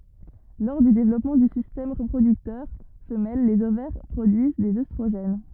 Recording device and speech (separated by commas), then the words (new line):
rigid in-ear microphone, read sentence
Lors du développement du système reproducteur femelle les ovaires produisent des œstrogènes.